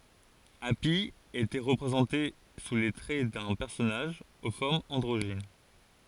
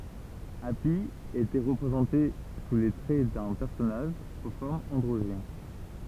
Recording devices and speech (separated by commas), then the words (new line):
forehead accelerometer, temple vibration pickup, read sentence
Hâpy était représenté sous les traits d'un personnage aux formes androgynes.